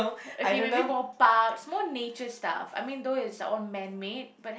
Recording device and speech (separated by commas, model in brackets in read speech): boundary microphone, conversation in the same room